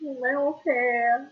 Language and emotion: Thai, sad